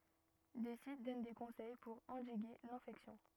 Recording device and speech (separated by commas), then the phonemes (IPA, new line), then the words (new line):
rigid in-ear microphone, read sentence
de sit dɔn de kɔ̃sɛj puʁ ɑ̃diɡe lɛ̃fɛksjɔ̃
Des sites donnent des conseils pour endiguer l'infection.